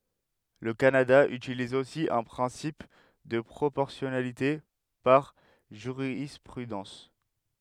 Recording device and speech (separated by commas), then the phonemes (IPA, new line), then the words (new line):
headset microphone, read sentence
lə kanada ytiliz osi œ̃ pʁɛ̃sip də pʁopɔʁsjɔnalite paʁ ʒyʁispʁydɑ̃s
Le Canada utilise aussi un principe de proportionnalité par jurisprudence.